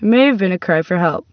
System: none